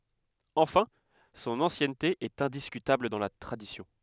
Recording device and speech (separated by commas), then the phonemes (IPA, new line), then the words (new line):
headset microphone, read sentence
ɑ̃fɛ̃ sɔ̃n ɑ̃sjɛnte ɛt ɛ̃diskytabl dɑ̃ la tʁadisjɔ̃
Enfin, son ancienneté est indiscutable dans la tradition.